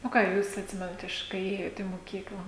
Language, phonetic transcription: Lithuanian, o ˈką ˈjūs atˈsimenat ˈiš kai ˈėjot į moˈkykla

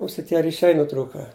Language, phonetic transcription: Lithuanian, ˈusi ˈtie riˈšiai nuˈtrūka

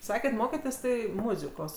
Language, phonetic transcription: Lithuanian, ˈsakėt ˈmoketės ˈtai ˈmuzikos

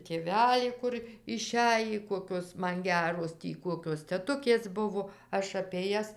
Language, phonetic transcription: Lithuanian, tėˈvelį ˈkur iˈšæjį ˈkokios ˈman ˈgeros ˈtį ˈkuokios teˈtukės ˈbuvo ˈaš apė ˈjas

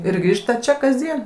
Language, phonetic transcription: Lithuanian, ir ˈgrįžta ˈčia kasˈdien

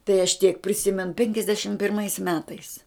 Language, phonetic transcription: Lithuanian, tai aš tiek priˈsimen penkiasˈdešim pirˈmais ˈmetais

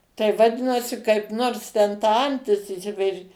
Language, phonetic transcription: Lithuanian, tai vaˈdinasi kaip ˈnors ten ta ˈantis išˈsiperi

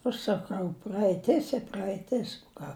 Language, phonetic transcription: Lithuanian, aš saˈkau praeiˈtis i praeiˈtis u ˈką

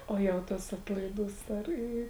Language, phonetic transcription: Lithuanian, ˈo jau ˈtas ˈatlaiˌdūs ˈar ˈį

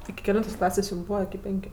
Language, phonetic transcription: Lithuanian, iki keˈlentos ˈklasės' jum ˈbūva iki ˈpenkiu

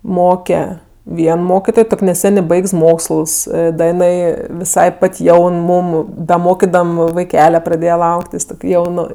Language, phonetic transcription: Lithuanian, ˈmoke ˈvien ˈmokitoj ˈtok' neˈsenė ˈbaigs ˈmoksls ˈda iˈnai viˈsai ˈpat' ˈjaun ˈmūm da ˈmokidam vaiˈkele praˈdėje ˈlauktis ˈtok' ˈjaunu

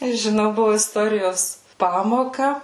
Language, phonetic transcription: Lithuanian, i žiˈnau ˈbuvo isˈtorijos ˈpamoka

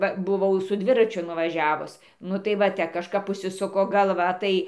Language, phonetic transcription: Lithuanian, ˈva buˈvau su ˈdviračiu nuvaˈžiavus ˈnu tai va ˈte kažˈkap užsiˈsuko galˈva ˈtai

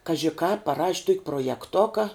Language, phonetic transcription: Lithuanian, ˈkaži kāp paˈraš' ˈtuok' projeˈktuka

